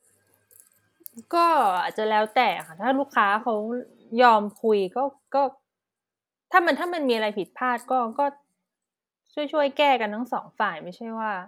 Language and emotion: Thai, frustrated